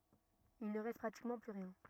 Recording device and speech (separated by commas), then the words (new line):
rigid in-ear microphone, read sentence
Il ne reste pratiquement plus rien.